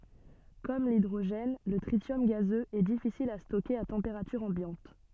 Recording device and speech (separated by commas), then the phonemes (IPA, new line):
soft in-ear microphone, read sentence
kɔm lidʁoʒɛn lə tʁisjɔm ɡazøz ɛ difisil a stokeʁ a tɑ̃peʁatyʁ ɑ̃bjɑ̃t